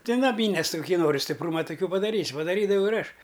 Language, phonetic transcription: Lithuanian, ti naˈmynės ti kuˈkį ˈnori stipˈrūma tuˈkių padaˈrys' padaˈrydavau ir ˈaš

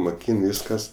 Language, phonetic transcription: Lithuanian, moˈkyn ˈvyskas

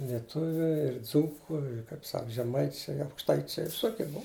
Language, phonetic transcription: Lithuanian, lieˈtuviu ir ˈdzūku ir kaip ˈsak žeˈmaičiai aukšˈtaičiai viˈsokie ˈbua

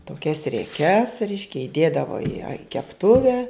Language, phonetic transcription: Lithuanian, toˈkias rieˈkes ˈreiškia iˈdėdavo i a i kepˈtuve

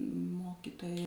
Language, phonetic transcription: Lithuanian, ˈmokytoja

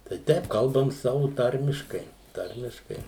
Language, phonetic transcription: Lithuanian, tai ˈteip ˈkalbam ˈsavu ˈtarmiškai ˈtarmiškai

